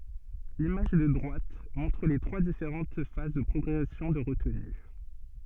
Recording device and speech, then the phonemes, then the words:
soft in-ear microphone, read sentence
limaʒ də dʁwat mɔ̃tʁ le tʁwa difeʁɑ̃t faz də pʁɔɡʁɛsjɔ̃ də ʁətny
L'image de droite montre les trois différentes phases de progression de retenue.

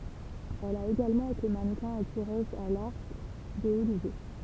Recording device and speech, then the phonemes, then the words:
temple vibration pickup, read sentence
ɛl a eɡalmɑ̃ ete manəkɛ̃ e tiʁøz a laʁk də o nivo
Elle a également été mannequin et tireuse à l'arc de haut niveau.

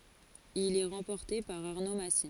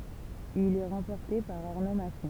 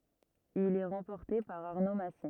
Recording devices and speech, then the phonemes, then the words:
forehead accelerometer, temple vibration pickup, rigid in-ear microphone, read sentence
il ɛ ʁɑ̃pɔʁte paʁ aʁno masi
Il est remporté par Arnaud Massy.

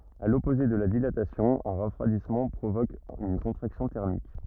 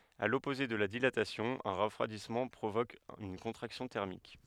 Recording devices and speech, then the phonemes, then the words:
rigid in-ear microphone, headset microphone, read sentence
a lɔpoze də la dilatasjɔ̃ œ̃ ʁəfʁwadismɑ̃ pʁovok yn kɔ̃tʁaksjɔ̃ tɛʁmik
À l'opposé de la dilatation, un refroidissement provoque une contraction thermique.

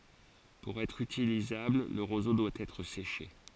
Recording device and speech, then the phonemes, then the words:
forehead accelerometer, read sentence
puʁ ɛtʁ ytilizabl lə ʁozo dwa ɛtʁ seʃe
Pour être utilisable, le roseau doit être séché.

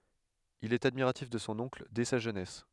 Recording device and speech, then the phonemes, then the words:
headset microphone, read sentence
il ɛt admiʁatif də sɔ̃ ɔ̃kl dɛ sa ʒønɛs
Il est admiratif de son oncle dès sa jeunesse.

